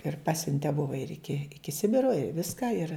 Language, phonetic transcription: Lithuanian, ir ˈpasiunte ˈbuva ir ˈiki ˈiki ˈsibiro i ˈviska ir

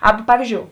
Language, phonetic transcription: Lithuanian, ˈaba ˈpavyzdžiou

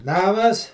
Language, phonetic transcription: Lithuanian, ˈnamas

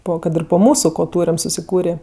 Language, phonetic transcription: Lithuanian, ˈpo kad ˈir po ˈmūsu ko ˈtūrem susiˈkūrė

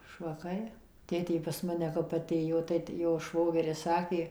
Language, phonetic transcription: Lithuanian, švaˈkai ˈtėtė pas ˈmane kap aˈtėjo tai ti ˈjo ˈšvogeris ˈsakė

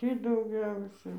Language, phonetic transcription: Lithuanian, ˈtį dauˈgiausia

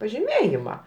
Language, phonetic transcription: Lithuanian, pažiˈmėjima

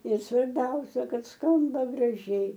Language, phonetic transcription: Lithuanian, ir svarˈbiausia ˈkad ˈskamba graˈžiai

